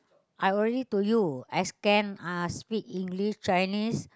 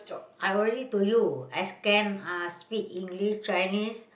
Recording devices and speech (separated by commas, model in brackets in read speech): close-talking microphone, boundary microphone, conversation in the same room